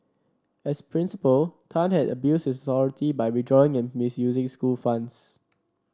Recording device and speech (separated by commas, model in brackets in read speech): standing microphone (AKG C214), read sentence